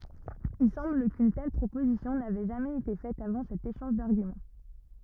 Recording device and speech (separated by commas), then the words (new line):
rigid in-ear microphone, read sentence
Il semble qu'une telle proposition n'avait jamais été faite avant cet échange d'arguments.